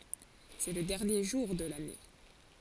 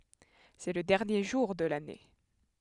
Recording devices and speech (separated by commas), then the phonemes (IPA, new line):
forehead accelerometer, headset microphone, read sentence
sɛ lə dɛʁnje ʒuʁ də lane